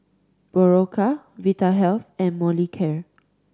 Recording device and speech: standing microphone (AKG C214), read sentence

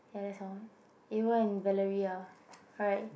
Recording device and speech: boundary microphone, conversation in the same room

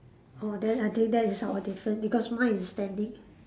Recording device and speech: standing microphone, conversation in separate rooms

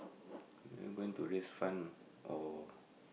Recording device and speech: boundary microphone, conversation in the same room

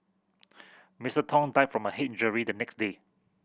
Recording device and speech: boundary microphone (BM630), read sentence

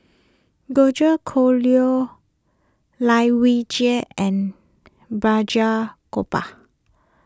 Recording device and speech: close-talking microphone (WH20), read sentence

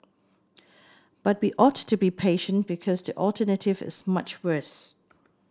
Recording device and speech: standing microphone (AKG C214), read sentence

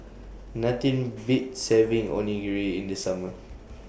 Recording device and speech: boundary microphone (BM630), read sentence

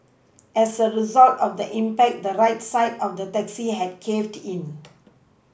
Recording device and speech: boundary microphone (BM630), read sentence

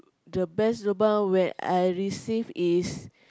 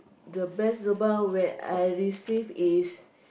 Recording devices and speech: close-talking microphone, boundary microphone, conversation in the same room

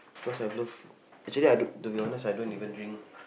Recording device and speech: boundary microphone, conversation in the same room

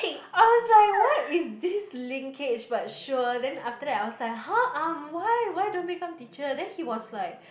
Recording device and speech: boundary microphone, conversation in the same room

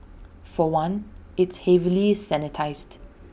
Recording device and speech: boundary microphone (BM630), read sentence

